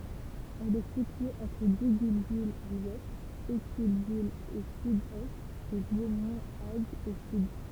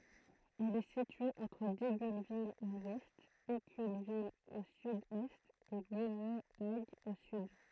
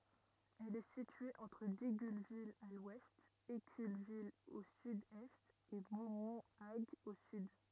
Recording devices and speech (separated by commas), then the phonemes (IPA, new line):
temple vibration pickup, throat microphone, rigid in-ear microphone, read sentence
ɛl ɛ sitye ɑ̃tʁ diɡylvil a lwɛst ekylvil o sydɛst e bomɔ̃ aɡ o syd